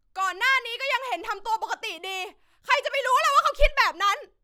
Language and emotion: Thai, angry